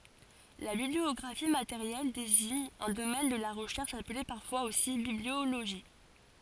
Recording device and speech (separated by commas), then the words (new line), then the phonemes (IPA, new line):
forehead accelerometer, read sentence
La bibliographie matérielle désigne un domaine de la recherche appelé parfois aussi bibliologie.
la bibliɔɡʁafi mateʁjɛl deziɲ œ̃ domɛn də la ʁəʃɛʁʃ aple paʁfwaz osi biblioloʒi